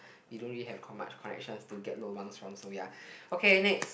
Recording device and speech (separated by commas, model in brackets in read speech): boundary microphone, conversation in the same room